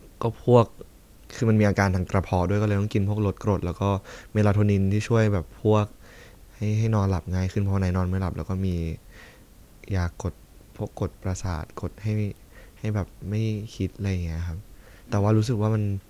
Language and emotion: Thai, frustrated